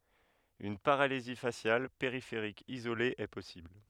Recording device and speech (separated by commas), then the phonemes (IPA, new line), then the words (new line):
headset microphone, read sentence
yn paʁalizi fasjal peʁifeʁik izole ɛ pɔsibl
Une paralysie faciale périphérique isolée est possible.